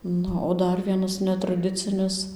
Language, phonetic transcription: Lithuanian, ˈnu o ˈdar ˈvienas netraˈdicinis

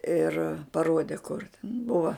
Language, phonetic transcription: Lithuanian, ir paˈrode kur ˈbuva

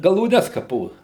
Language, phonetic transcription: Lithuanian, galūˈnes kaˈpo

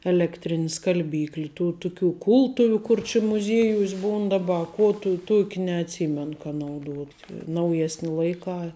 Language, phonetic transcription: Lithuanian, elekˈtrini skalˈbykli ˈtų ˈtuˌkių ˈkultuviu ˈkur či muˈziejuos' ˈbūn daˈba a ˈkuo tų ˈtuok' neatˈsymen ka nauˈduot' nauˈjesni ˈlaiˌkā

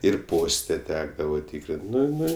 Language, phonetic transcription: Lithuanian, ir ˈposte ˈtekdava ˈtykrin't' ˈnu ˈnu

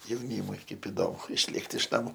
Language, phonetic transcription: Lithuanian, jauˈnymui ˈkaip iˈdomu išˈlėkt iš naˈmu

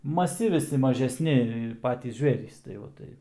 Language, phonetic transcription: Lithuanian, maˈsi viˈsi mažesˈni ˈpatys ˈžvėrys tai ˈva ˈtai

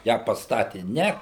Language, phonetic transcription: Lithuanian, ją pasˈtati ˈne

